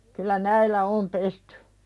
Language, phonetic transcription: Finnish, kyl̆lä 'näillä "om pestʏ .
- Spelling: kyllä näillä on pesty

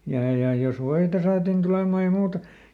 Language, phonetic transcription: Finnish, ja ja jos ˈvoita saatin ˈtulemà ja ˈmuuta .
- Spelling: ja ja jos voita saatiin tulemaan ja muuta

